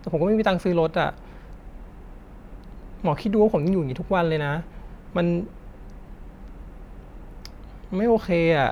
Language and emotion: Thai, frustrated